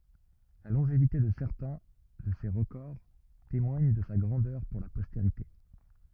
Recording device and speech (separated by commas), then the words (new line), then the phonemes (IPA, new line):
rigid in-ear microphone, read sentence
La longévité de certains de ses records témoigne de sa grandeur pour la postérité.
la lɔ̃ʒevite də sɛʁtɛ̃ də se ʁəkɔʁ temwaɲ də sa ɡʁɑ̃dœʁ puʁ la pɔsteʁite